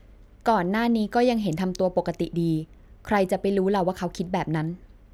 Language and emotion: Thai, neutral